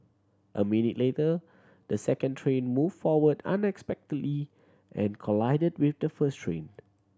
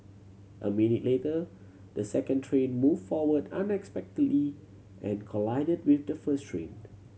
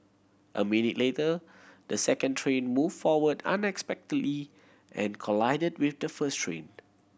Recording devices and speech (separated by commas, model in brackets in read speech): standing microphone (AKG C214), mobile phone (Samsung C7100), boundary microphone (BM630), read sentence